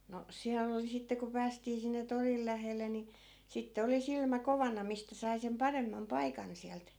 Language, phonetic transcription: Finnish, no 'siäll ‿oli sitte ku 'päästii sinne 'toril lähelle ni , 'sitte 'oli 'silmä "kovana 'mistä sai sem "paremmam "paikan siält .
- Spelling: no siellä oli sitten kun päästiin sinne torille lähelle niin sitten oli silmä kovana mistä sai sen paremman paikan sieltä

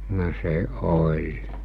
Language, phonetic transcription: Finnish, no se ’oĺ .
- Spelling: no se oli

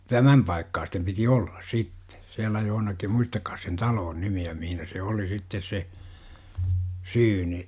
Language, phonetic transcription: Finnish, tämäm paikkaastem piti 'ollas "sitte , 'siälä johonakim 'muistakkaas sen "taloon 'nimi₍ä mihinä se 'oli sittes se , 'syyni .
- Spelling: tämän paikan piti olla sitten siellä jossakin muistakaan sen talon nimeä missä se oli sitten se syyni

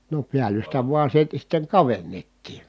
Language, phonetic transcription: Finnish, no piäl̆lystä vua siitä sitteŋ kavennettii .
- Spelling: no päällystä vain siitä sitten kavennettiin

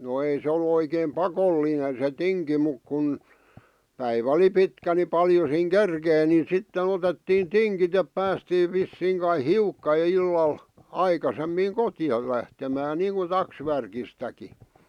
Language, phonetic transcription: Finnish, no 'ei se ol̆lu oikeem "pakolli̳i̳nen se 'tiŋki muk kun , 'päivä ᵒli "pitkä ni 'paljo siiŋ "kerkèⁱ nin̬ 'sitte'n ‿otettiin "tiŋkit ep 'päästiiv̆ 'vissiiŋ kai "hiukka ʲᵒ 'illal , 'aikasemmiiŋ "kotⁱjal̆ lähtemään 'niiŋku "taksvärkistäki .
- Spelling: no ei se ollut oikein pakollinen se tinki mutta kun päivä oli pitkä niin paljon siinä kerkesi niin sitten otettiin tingit että päästiin vissiin kai hiukka jo illalla aikaisemmin kotiin lähtemään niin kuin taksvärkistäkin

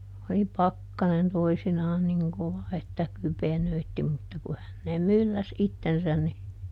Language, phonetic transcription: Finnish, oli "pakkanen toisinaan ˈniŋ kova että "kypenöitti mutta ku ˈhänneem̆ ˈmylläs ˈittensän ni ,.
- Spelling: oli pakkanen toisinaan niin kova että kypenöitsi mutta kun häneen mylläsi itsensä niin

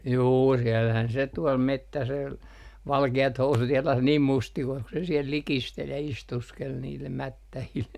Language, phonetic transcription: Finnish, 'juu siɛllähän se "tuɔl 'mettäsel , "valke₍at 'housut 'jalas niim mustikois ku se 'siɛl "likistel ja 'istuskel niillem "mättähil .
- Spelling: juu siellähän se tuolla metsäsellä valkeat housut jalassa niin mustikoissa kun se siellä likisteli ja istuskeli niille mättäille

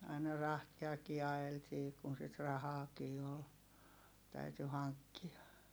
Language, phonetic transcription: Finnish, aina rahtiakii aʲeltii kun sit rahaakii ol , täyty haŋkki₍a .
- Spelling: aina rahtiakin ajeltiin kun sitä rahaakin oli täytyi hankkia

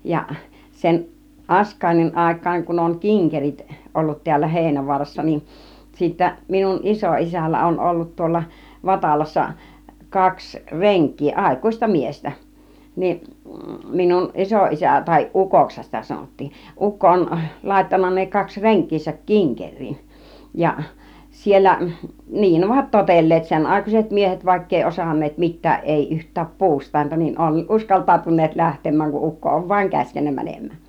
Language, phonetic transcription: Finnish, 'ja , 'sen , "ˀAsk̀àinnin 'àik̆kaaŋ kun oŋ "kiŋkerit , 'ollut tiällä 'Hèinävu̬arassa nin , sìttä minun 'iso₍isällä 'on ollut tuolla "Vatalassa , 'kaks "reŋk̆kii , "ˀàik̀ùⁱsta 'miestä , 'niiˀ , minun 'ˀisoˀisä tai "ˀukokshan sitä 'sanottiin , 'ukko on làittanna ne 'kaks "reŋk̆kiisäk "kiŋker͕̆riin , ja , 'siellä , 'nii'n ‿ovat "totel̀leet 'sen'àikuiset 'miehet vàikk ‿ei "osan̆neet 'mit̆tääˀ 'ˀèi yht̆tääp "puust̆tàinta , niin 'on "uskaltàutun̆neet 'lähtem̆määŋ kuˀ 'ˀukko ov 'vaiŋ 'käskennä mänem̆mään .
- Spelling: ja sen Askainin aikaan kun on kinkerit ollut täällä Heinävaarassa niin sitten minun isoisällä on ollut tuolla Vatalassa kaksi renkiä aikuista miestä niin minun isoisä tai ukoksihan sitä sanottiin ukko on laittanut ne kaksi renkiänsä kinkeriin ja siellä niin ovat totelleet senaikaiset miehet vaikka ei osanneet mitään ei yhtään puustainta niin on uskaltautuneet lähtemään kun ukko on vain käskenyt menemään

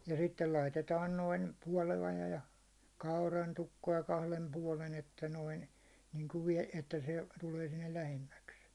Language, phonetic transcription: Finnish, ja sittel 'laitetaan noin , (puåloja) ja , 'kauraitukko₍a 'kahlem 'puålen että noin , niŋku vie- , että se , tulee sinnel 'lähemmäks .
- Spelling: ja sitten laitetaan noin puoloja ja kaurantukkoa kahden puolen että noin niin kuin - että se tulee sinne lähemmäksi

